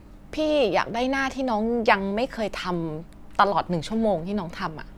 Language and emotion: Thai, frustrated